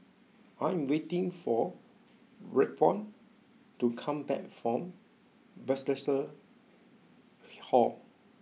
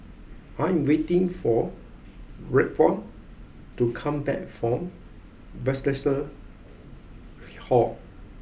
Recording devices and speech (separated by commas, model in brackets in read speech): mobile phone (iPhone 6), boundary microphone (BM630), read sentence